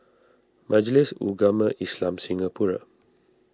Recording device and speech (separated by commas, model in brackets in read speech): standing microphone (AKG C214), read sentence